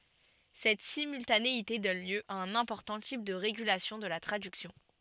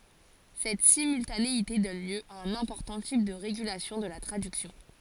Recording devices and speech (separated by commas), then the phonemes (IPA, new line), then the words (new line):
soft in-ear microphone, forehead accelerometer, read sentence
sɛt simyltaneite dɔn ljø a œ̃n ɛ̃pɔʁtɑ̃ tip də ʁeɡylasjɔ̃ də la tʁadyksjɔ̃
Cette simultanéité donne lieu à un important type de régulation de la traduction.